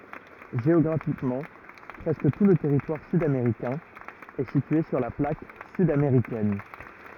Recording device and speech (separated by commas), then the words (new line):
rigid in-ear microphone, read sentence
Géographiquement, presque tout le territoire sud-américain est situé sur la plaque sud-américaine.